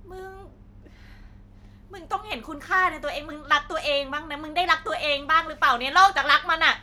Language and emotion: Thai, angry